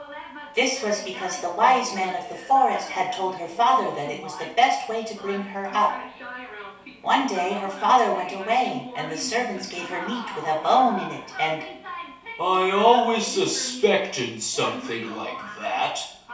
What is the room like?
A small space.